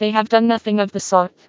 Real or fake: fake